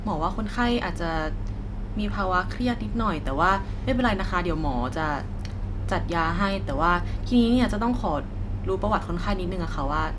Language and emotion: Thai, neutral